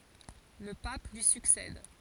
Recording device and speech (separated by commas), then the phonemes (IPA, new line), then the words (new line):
forehead accelerometer, read sentence
lə pap lyi syksɛd
Le pape lui succède.